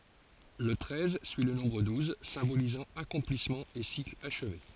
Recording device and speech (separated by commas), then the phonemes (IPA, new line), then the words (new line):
forehead accelerometer, read sentence
lə tʁɛz syi lə nɔ̃bʁ duz sɛ̃bolizɑ̃ akɔ̃plismɑ̃ e sikl aʃve
Le treize suit le nombre douze, symbolisant accomplissement et cycle achevé.